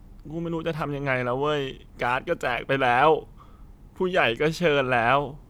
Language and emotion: Thai, sad